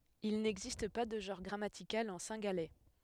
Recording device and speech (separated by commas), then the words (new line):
headset microphone, read sentence
Il n’existe pas de genre grammatical en cingalais.